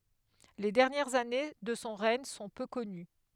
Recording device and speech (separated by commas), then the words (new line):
headset microphone, read sentence
Les dernières années de son règne sont peu connues.